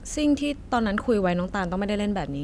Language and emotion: Thai, frustrated